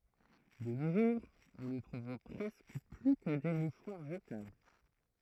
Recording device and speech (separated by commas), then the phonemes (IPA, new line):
throat microphone, read sentence
də no ʒuʁz ɔ̃ nə tʁuv pʁɛskə ply kə de muʃwaʁ ʒətabl